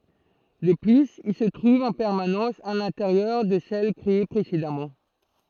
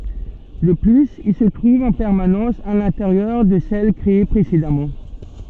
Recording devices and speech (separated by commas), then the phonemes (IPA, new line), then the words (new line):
throat microphone, soft in-ear microphone, read sentence
də plyz il sə tʁuv ɑ̃ pɛʁmanɑ̃s a lɛ̃teʁjœʁ də sɛl kʁee pʁesedamɑ̃
De plus, il se trouve en permanence à l'intérieur de celles créées précédemment.